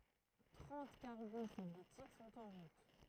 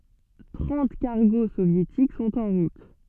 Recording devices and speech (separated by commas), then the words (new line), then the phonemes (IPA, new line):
throat microphone, soft in-ear microphone, read sentence
Trente cargos soviétiques sont en route.
tʁɑ̃t kaʁɡo sovjetik sɔ̃t ɑ̃ ʁut